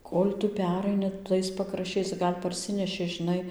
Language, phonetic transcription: Lithuanian, ˈkol' ˈtu ˈperaini ˈtais pakrašˈčiais ˈgal' parˈsineši žiˈnai

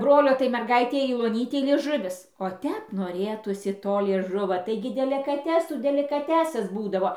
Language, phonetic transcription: Lithuanian, ˈbrolio tai merˈgaitei jau oˈnytei lieˈžuvis o ˈtep noˈrėtųsi ˈto lieˈžuvo ˈtaigi delikaˈtesų delikaˈtesas ˈbūdavo

